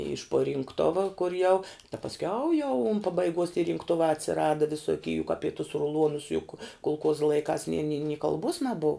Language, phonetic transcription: Lithuanian, iš puo rinkˈtuva kur jau ta pasˈkiau jau un pabaiˈguos ti rinkˈtuvā atsiˈrada visoˈky juk ˈapi tuos ruˈluonus juk kulˈkuoza laiˈkās ni ni ni kalˈbuos naˈbuv

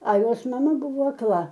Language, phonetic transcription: Lithuanian, a ˈjos maˈma ˈbuvo akˈla

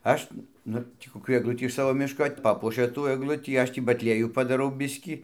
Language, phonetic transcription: Lithuanian, ˈaš ˈnu ˈtį koˈkių egˈlutį iš ˈsavo ˈmiško ˈpapuošia tų egˈlutį ˈaš tį batˈliejų padaˈrau ˈbiskį

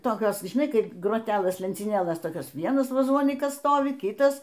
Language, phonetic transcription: Lithuanian, toˈkios žiˈnai ˈkaip groˈtelɘs lencyˈnėlɘs ˈtokios ˈvienas vaˈzonykas ˈstovi ˈkitas

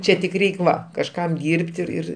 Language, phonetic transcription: Lithuanian, ˈčia tik ˈreik' ˈva kažˈkam ˈdyrb't' ir ˈir

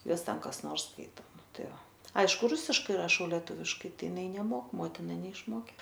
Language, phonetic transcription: Lithuanian, ˈjuos ˈten kas ˈnors ˈskaito ˈtai va ˈaišku ˈrusiškai raˈšau leˈtuviškai ˈtai iˈnai neˈmok ˈmotina neišˈmokė

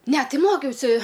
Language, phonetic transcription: Lithuanian, ˈne ˈtai ˈmokiausi

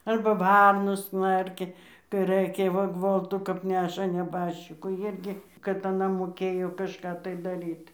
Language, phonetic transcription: Lithuanian, ˈarba ˈvarnos ˈknarkia kai ˈrɘkia va ˈgvoltu kap ˈneša neˈbaščikų ˈirgi kad aˈna moˈkėjo kažˈką tai daˈryt

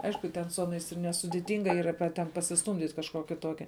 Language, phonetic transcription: Lithuanian, ˈaišku ˈten su ˈaˌnais ir nesudiˈtinga ˈyra pe ten pasisˈtūmdyt' kažˈkuoki ˈtuokia

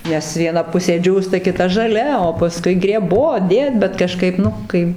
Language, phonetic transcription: Lithuanian, ˈnes vieˈna ˈpusė ˈdžiūsta kiˈta žaˈlia o paˈskui greˈbot ˈdėt bet kaˈžkaip ˈnu kai

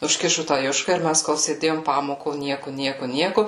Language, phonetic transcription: Lithuanian, užˈkišu tą ˈjuška ir ˈmes kol sėˈdėjom ˈpamoko ˈnieku ˈnieku ˈnieku

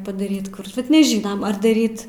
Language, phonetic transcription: Lithuanian, padaˈryt ˈkur bet neˈžynam ar daˈryt

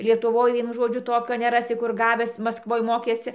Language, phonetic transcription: Lithuanian, lietuˈvoj ˈvienu ˈžodžiu ˈtokio neˈrasi kur ˈgavęs maskˈvoj ˈmokėsi

